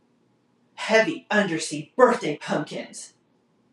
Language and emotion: English, angry